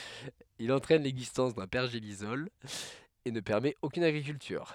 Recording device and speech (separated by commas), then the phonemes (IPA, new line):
headset microphone, read sentence
il ɑ̃tʁɛn lɛɡzistɑ̃s dœ̃ pɛʁʒelisɔl e nə pɛʁmɛt okyn aɡʁikyltyʁ